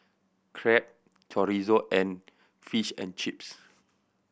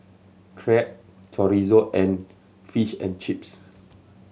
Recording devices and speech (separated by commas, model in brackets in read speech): boundary microphone (BM630), mobile phone (Samsung C7100), read sentence